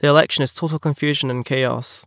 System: none